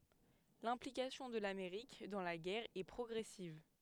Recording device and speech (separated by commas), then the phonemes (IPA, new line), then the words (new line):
headset microphone, read sentence
lɛ̃plikasjɔ̃ də lameʁik dɑ̃ la ɡɛʁ ɛ pʁɔɡʁɛsiv
L'implication de l'Amérique dans la guerre est progressive.